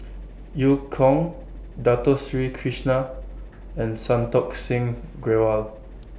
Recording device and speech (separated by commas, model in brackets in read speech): boundary microphone (BM630), read sentence